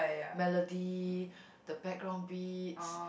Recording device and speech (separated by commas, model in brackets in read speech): boundary microphone, conversation in the same room